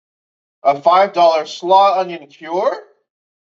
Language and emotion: English, surprised